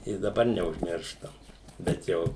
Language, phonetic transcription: Lithuanian, i daˈbar neužˈmirštam bet ˈjau

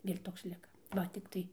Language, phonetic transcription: Lithuanian, ir ˈtoks ˈlika ˈva tikˈtai

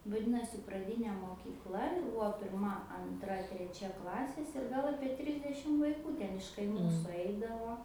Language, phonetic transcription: Lithuanian, vaˈdinosi praˈdynė mokykˈla jau ˈbuvo pirˈma anˈtra treˈčia ˈklasės ir ˈgal ˈapie ˈtrisdešim vaiˈkų ˈten iš kaiˈmų suˈaidavo

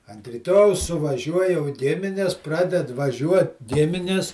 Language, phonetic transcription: Lithuanian, ant ryˈtojaus suvaˈžiuoj jau ˈgimines ˈpraded vaˈžiuot ˈgiminis

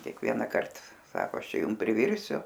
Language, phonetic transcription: Lithuanian, kėkˈvienakart ˈsako ˈaš ˈčia ˈjum priˈvirsiu

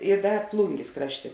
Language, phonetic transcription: Lithuanian, i ˈda ˈplungės ˈkrašˌtė

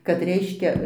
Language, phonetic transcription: Lithuanian, kad ˈreiškia

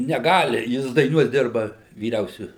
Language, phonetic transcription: Lithuanian, neˈgali ˈjis daiˈnuos ˈdirba vyˈriausiu

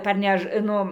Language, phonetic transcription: Lithuanian, parˈnež ˈnu

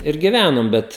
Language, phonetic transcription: Lithuanian, ir giˈvænom ˈbet

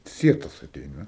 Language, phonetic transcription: Lithuanian, ˈsietas aˈteina

